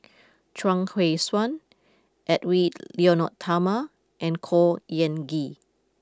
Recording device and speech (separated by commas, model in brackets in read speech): close-talking microphone (WH20), read sentence